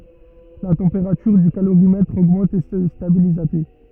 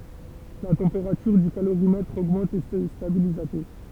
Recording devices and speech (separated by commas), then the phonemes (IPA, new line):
rigid in-ear microphone, temple vibration pickup, read sentence
la tɑ̃peʁatyʁ dy kaloʁimɛtʁ oɡmɑ̃t e sə stabiliz a te